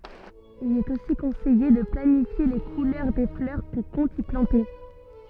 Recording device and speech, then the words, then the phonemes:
soft in-ear microphone, read sentence
Il est aussi conseillé de planifier les couleurs des fleurs qu'on compte y planter.
il ɛt osi kɔ̃sɛje də planifje le kulœʁ de flœʁ kɔ̃ kɔ̃t i plɑ̃te

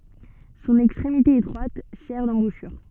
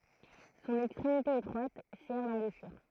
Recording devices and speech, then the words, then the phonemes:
soft in-ear microphone, throat microphone, read sentence
Son extrémité étroite sert d'embouchure.
sɔ̃n ɛkstʁemite etʁwat sɛʁ dɑ̃buʃyʁ

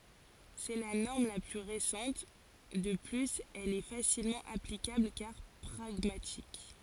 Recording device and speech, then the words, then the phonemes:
forehead accelerometer, read sentence
C’est la norme la plus récente, de plus elle est facilement applicable car pragmatique.
sɛ la nɔʁm la ply ʁesɑ̃t də plyz ɛl ɛ fasilmɑ̃ aplikabl kaʁ pʁaɡmatik

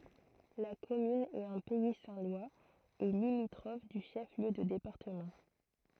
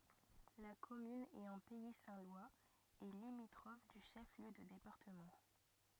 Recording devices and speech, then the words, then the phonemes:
throat microphone, rigid in-ear microphone, read sentence
La commune est en pays saint-lois et limitrophe du chef-lieu de département.
la kɔmyn ɛt ɑ̃ pɛi sɛ̃ lwaz e limitʁɔf dy ʃɛf ljø də depaʁtəmɑ̃

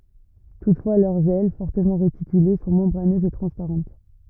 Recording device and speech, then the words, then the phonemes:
rigid in-ear microphone, read sentence
Toutefois, leurs ailes, fortement réticulées, sont membraneuses et transparentes.
tutfwa lœʁz ɛl fɔʁtəmɑ̃ ʁetikyle sɔ̃ mɑ̃bʁanøzz e tʁɑ̃spaʁɑ̃t

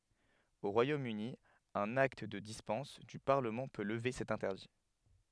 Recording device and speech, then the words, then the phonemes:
headset microphone, read sentence
Au Royaume-Uni, un acte de dispense du Parlement peut lever cet interdit.
o ʁwajom yni œ̃n akt də dispɑ̃s dy paʁləmɑ̃ pø ləve sɛt ɛ̃tɛʁdi

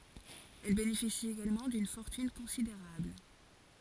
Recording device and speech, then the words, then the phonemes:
forehead accelerometer, read sentence
Elle bénéficie également d'une fortune considérable.
ɛl benefisi eɡalmɑ̃ dyn fɔʁtyn kɔ̃sideʁabl

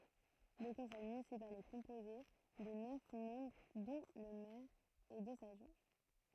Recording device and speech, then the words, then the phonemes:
throat microphone, read sentence
Le conseil municipal est composé de neuf membres dont le maire et deux adjoints.
lə kɔ̃sɛj mynisipal ɛ kɔ̃poze də nœf mɑ̃bʁ dɔ̃ lə mɛʁ e døz adʒwɛ̃

